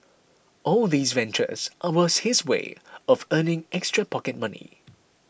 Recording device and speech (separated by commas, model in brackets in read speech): boundary microphone (BM630), read sentence